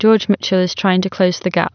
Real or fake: real